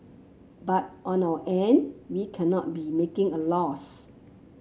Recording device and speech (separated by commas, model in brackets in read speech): mobile phone (Samsung C7), read sentence